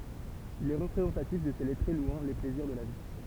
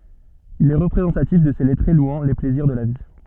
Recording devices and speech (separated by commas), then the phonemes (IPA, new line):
temple vibration pickup, soft in-ear microphone, read sentence
il ɛ ʁəpʁezɑ̃tatif də se lɛtʁe lwɑ̃ le plɛziʁ də la vi